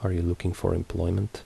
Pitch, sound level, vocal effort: 90 Hz, 72 dB SPL, soft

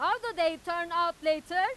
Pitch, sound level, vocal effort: 345 Hz, 106 dB SPL, very loud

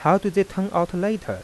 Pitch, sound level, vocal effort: 190 Hz, 88 dB SPL, soft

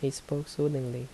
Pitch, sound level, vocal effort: 140 Hz, 75 dB SPL, soft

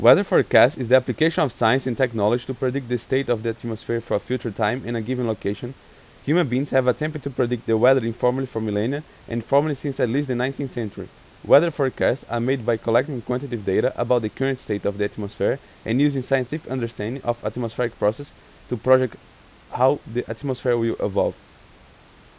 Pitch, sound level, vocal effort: 125 Hz, 88 dB SPL, loud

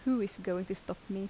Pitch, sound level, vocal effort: 195 Hz, 80 dB SPL, soft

